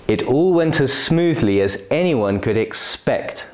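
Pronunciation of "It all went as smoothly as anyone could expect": The voice moves down in small steps from the start of the sentence, then falls by a larger step on 'expect'.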